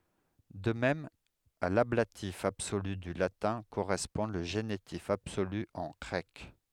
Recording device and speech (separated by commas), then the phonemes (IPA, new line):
headset microphone, read sentence
də mɛm a lablatif absoly dy latɛ̃ koʁɛspɔ̃ lə ʒenitif absoly ɑ̃ ɡʁɛk